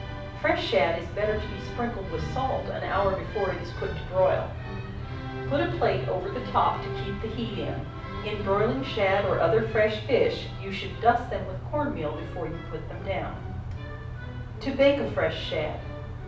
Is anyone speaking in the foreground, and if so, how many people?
One person.